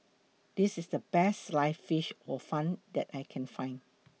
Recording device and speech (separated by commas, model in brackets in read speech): mobile phone (iPhone 6), read sentence